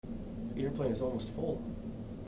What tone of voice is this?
neutral